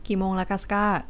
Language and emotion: Thai, neutral